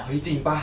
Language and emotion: Thai, happy